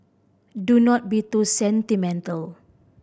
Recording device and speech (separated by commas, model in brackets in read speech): boundary microphone (BM630), read sentence